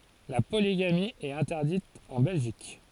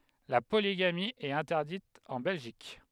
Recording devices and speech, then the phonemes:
forehead accelerometer, headset microphone, read sentence
la poliɡami ɛt ɛ̃tɛʁdit ɑ̃ bɛlʒik

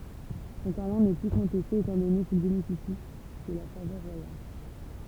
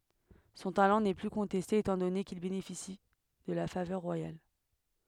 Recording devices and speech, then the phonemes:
temple vibration pickup, headset microphone, read sentence
sɔ̃ talɑ̃ nɛ ply kɔ̃tɛste etɑ̃ dɔne kil benefisi də la favœʁ ʁwajal

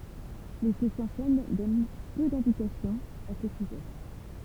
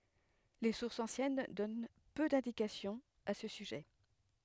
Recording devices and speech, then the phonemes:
temple vibration pickup, headset microphone, read sentence
le suʁsz ɑ̃sjɛn dɔn pø dɛ̃dikasjɔ̃z a sə syʒɛ

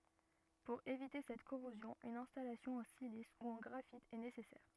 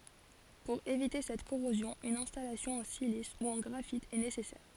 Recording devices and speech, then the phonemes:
rigid in-ear microphone, forehead accelerometer, read sentence
puʁ evite sɛt koʁozjɔ̃ yn ɛ̃stalasjɔ̃ ɑ̃ silis u ɑ̃ ɡʁafit ɛ nesɛsɛʁ

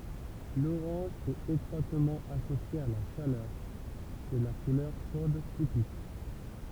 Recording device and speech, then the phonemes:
temple vibration pickup, read sentence
loʁɑ̃ʒ ɛt etʁwatmɑ̃ asosje a la ʃalœʁ sɛ la kulœʁ ʃod tipik

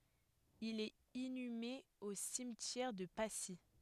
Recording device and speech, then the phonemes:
headset microphone, read sentence
il ɛt inyme o simtjɛʁ də pasi

